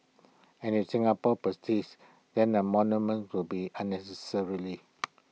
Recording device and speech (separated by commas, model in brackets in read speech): mobile phone (iPhone 6), read sentence